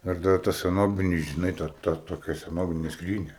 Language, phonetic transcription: Lithuanian, ir ˈdar ta seˈnobini žiˈnai ˈto ˈto toˈkia seˈnovine ˈskrynia

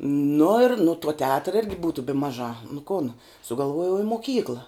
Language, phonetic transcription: Lithuanian, nu ir nu tuo teˈatra ˈirgi ˈbūtu bi ˈmaˌžā nu kon sugalˈvuojau i moˈkykla

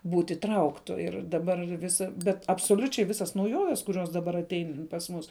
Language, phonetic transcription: Lithuanian, ˈbūt' įˈtrauktu ˈir daˈbar ˈvisa ˈbet absoˈliučiai ˈvisas nauˈjoves kuˈrios daˈbar aˈtein pas ˈmus

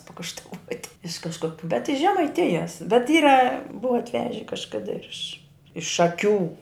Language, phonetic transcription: Lithuanian, pakaštaˈvuoti iš kažˈkok bet iš žemaiˈtijas bet ˈyra ˈbuva atˈveže kažˈkada ir iš iš šaˈkių

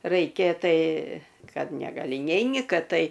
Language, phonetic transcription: Lithuanian, raiˈkė ˈtai ˈkad negaˈli ˈneini ˈkad ˈtai

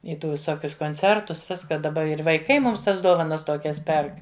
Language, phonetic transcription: Lithuanian, i ˈtų viˈsokius konˈcertus ˈviska daˈba ir vaiˈkai mums ˈtas ˈdovanas ˈtokias ˈperk

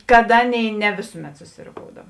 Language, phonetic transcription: Lithuanian, kad ˈaˌnėi ne ˈvėsuˌmet susiroˈkoudav

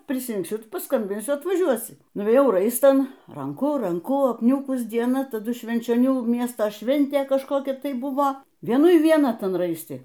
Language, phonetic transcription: Lithuanian, prisrinkˈsiu ˈtu paˈskambinsiu atvaˈžiuosi nuvėˈjau ˈraistan ˈranku ˈranku apˈniūkus dieˈna taˈdu švenčioˈnių ˈmiesto ˈšventė kažˈkokia ˈtai ˈbuvo vieˈnui vieˈna ˈtan ˈraisti

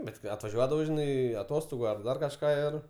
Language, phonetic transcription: Lithuanian, ˈbet kai atvaˈžiuodavau žiˈnai aˈtostogu ar ˈdar kažˈką ˈir

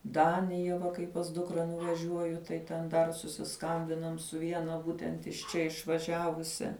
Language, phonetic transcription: Lithuanian, ˈdanija va kai pas ˈdukra nuvaˈžiuoju tai ten ˈdar susiˈskambinam su ˈviena ˈbūtent iš ˈčia išvaˈžiavusia

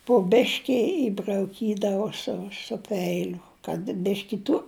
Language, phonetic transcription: Lithuanian, pu ˈbeški ibrauˈkydavo ˈsu su ˈpeiliu kad ˈbiški tu

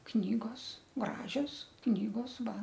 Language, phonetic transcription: Lithuanian, ˈknygos ˈgražios ˈknygos ˈva

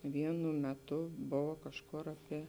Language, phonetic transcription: Lithuanian, ˈvienu meˈtu ˈbova kažˈkur aˈpie

